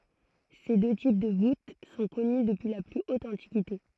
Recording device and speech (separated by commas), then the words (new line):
throat microphone, read sentence
Ces deux types de voûte sont connues depuis la plus haute antiquité.